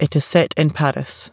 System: none